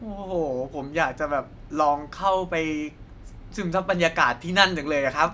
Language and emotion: Thai, happy